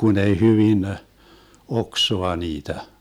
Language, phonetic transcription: Finnish, 'kun ‿ei 'hyvin , "oksoa 'niitä .
- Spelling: kun ei hyvin oksaa niitä

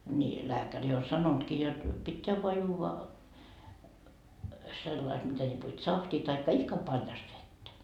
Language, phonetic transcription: Finnish, ni , 'lääkäri o "sanontkii jot , 'pitteä voa 'juuva , sellai et mitä ĺipo "tsahtii taikka 'ihka paljast 'vettä .
- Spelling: niin lääkäri on sanonutkin jotta pitää vain juoda sillä lailla että mitä lipo tsahtia tai ihka paljasta vettä

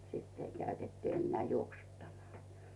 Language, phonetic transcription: Finnish, 'sitt ‿ei käytettᵘ ‿enneä̀ 'juoksuttamal .
- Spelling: sitten ei käytetty enää juoksuttamalla

